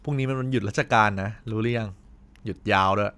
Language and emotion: Thai, neutral